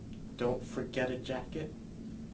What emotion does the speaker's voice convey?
fearful